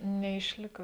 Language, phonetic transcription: Lithuanian, neišˈlika

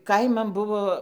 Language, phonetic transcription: Lithuanian, ˈkaiman ˈbuvo

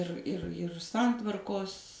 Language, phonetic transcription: Lithuanian, ir ir ir ˈsantvarkos

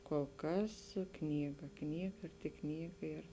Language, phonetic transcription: Lithuanian, kol ˈkas ˈknyga ˈknyga ir tik ˈknyga ir

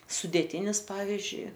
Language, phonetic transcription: Lithuanian, sudėˈtynis ˈpavizdžiui

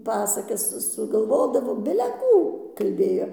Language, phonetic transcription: Lithuanian, ˈpasakas sugalˈvodavo bile ˈkų ˈkalbėjo

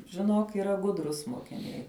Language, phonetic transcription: Lithuanian, žiˈnok yˈra ˈgudrus mokiˈniai

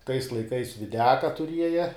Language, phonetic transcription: Lithuanian, tais laiˈkais viˈdiaka tuˈrieja

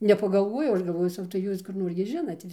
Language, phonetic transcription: Lithuanian, nepagalˈvojau ˈaš galˈvojau ˈsau tai ˈjūs kur ˈnor gi ˈžinat

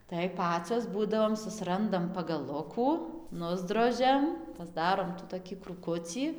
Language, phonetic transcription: Lithuanian, tai ˈpacos ˈbūdavom susiˈrandam pagaˈlukų ˈnusdrožiam pasˈdarom tų toˈkį krūˈkucį

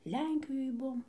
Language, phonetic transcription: Lithuanian, ˈlenkijoj ˈbuom

